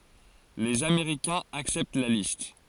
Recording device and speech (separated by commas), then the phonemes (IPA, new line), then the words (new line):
forehead accelerometer, read sentence
lez ameʁikɛ̃z aksɛpt la list
Les Américains acceptent la liste.